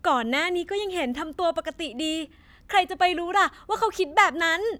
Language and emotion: Thai, happy